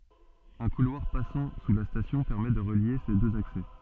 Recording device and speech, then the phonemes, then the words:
soft in-ear microphone, read sentence
œ̃ kulwaʁ pasɑ̃ su la stasjɔ̃ pɛʁmɛ də ʁəlje se døz aksɛ
Un couloir passant sous la station permet de relier ces deux accès.

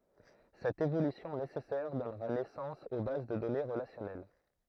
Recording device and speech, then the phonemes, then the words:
throat microphone, read sentence
sɛt evolysjɔ̃ nesɛsɛʁ dɔnʁa nɛsɑ̃s o baz də dɔne ʁəlasjɔnɛl
Cette évolution nécessaire donnera naissance aux bases de données relationnelles.

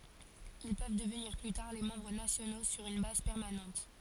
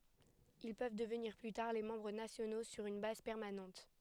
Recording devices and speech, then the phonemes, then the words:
forehead accelerometer, headset microphone, read sentence
il pøv dəvniʁ ply taʁ le mɑ̃bʁ nasjono syʁ yn baz pɛʁmanɑ̃t
Ils peuvent devenir plus tard les membres nationaux sur une base permanente.

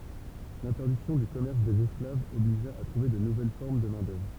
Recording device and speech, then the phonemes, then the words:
temple vibration pickup, read sentence
lɛ̃tɛʁdiksjɔ̃ dy kɔmɛʁs dez ɛsklavz ɔbliʒa a tʁuve də nuvɛl fɔʁm də mɛ̃dœvʁ
L'interdiction du commerce des esclaves obligea à trouver de nouvelles formes de main-d'œuvre.

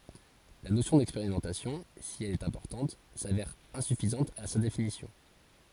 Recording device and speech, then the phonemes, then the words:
forehead accelerometer, read sentence
la nosjɔ̃ dɛkspeʁimɑ̃tasjɔ̃ si ɛl ɛt ɛ̃pɔʁtɑ̃t savɛʁ ɛ̃syfizɑ̃t a sa definisjɔ̃
La notion d'expérimentation, si elle est importante, s'avère insuffisante à sa définition.

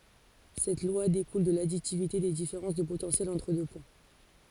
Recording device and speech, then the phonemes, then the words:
forehead accelerometer, read sentence
sɛt lwa dekul də laditivite de difeʁɑ̃s də potɑ̃sjɛl ɑ̃tʁ dø pwɛ̃
Cette loi découle de l'additivité des différences de potentiel entre deux points.

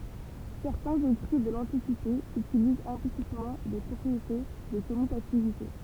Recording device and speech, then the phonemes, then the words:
temple vibration pickup, read sentence
sɛʁtɛ̃z ekʁi də lɑ̃tikite ytilizt ɛ̃plisitmɑ̃ de pʁɔpʁiete də kɔmytativite
Certains écrits de l'Antiquité utilisent implicitement des propriétés de commutativité.

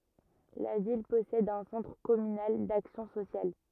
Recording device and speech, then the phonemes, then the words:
rigid in-ear microphone, read sentence
la vil pɔsɛd œ̃ sɑ̃tʁ kɔmynal daksjɔ̃ sosjal
La ville possède un Centre communal d'action sociale.

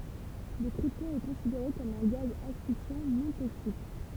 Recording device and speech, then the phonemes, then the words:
temple vibration pickup, read sentence
lə kʁiptɔ̃ ɛ kɔ̃sideʁe kɔm œ̃ ɡaz asfiksjɑ̃ nɔ̃ toksik
Le krypton est considéré comme un gaz asphyxiant non toxique.

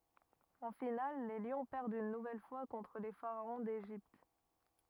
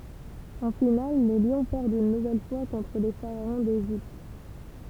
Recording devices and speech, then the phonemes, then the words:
rigid in-ear microphone, temple vibration pickup, read sentence
ɑ̃ final le ljɔ̃ pɛʁdt yn nuvɛl fwa kɔ̃tʁ le faʁaɔ̃ deʒipt
En finale les Lions perdent une nouvelle fois contre les Pharaons d'Égypte.

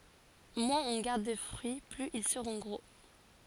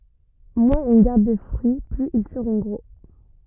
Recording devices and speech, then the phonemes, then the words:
forehead accelerometer, rigid in-ear microphone, read sentence
mwɛ̃z ɔ̃ ɡaʁd də fʁyi plyz il səʁɔ̃ ɡʁo
Moins on garde de fruit, plus ils seront gros.

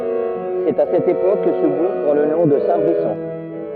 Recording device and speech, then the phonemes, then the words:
rigid in-ear microphone, read sentence
sɛt a sɛt epok kə sə buʁ pʁɑ̃ lə nɔ̃ də sɛ̃tbʁisɔ̃
C'est à cette époque que ce bourg prend le nom de Saint-Brisson.

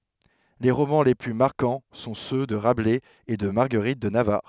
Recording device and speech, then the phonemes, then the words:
headset microphone, read sentence
le ʁomɑ̃ le ply maʁkɑ̃ sɔ̃ sø də ʁablɛz e də maʁɡəʁit də navaʁ
Les romans les plus marquants sont ceux de Rabelais et de Marguerite de Navarre.

